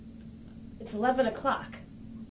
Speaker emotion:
angry